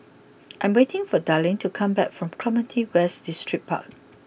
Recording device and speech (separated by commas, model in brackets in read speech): boundary microphone (BM630), read sentence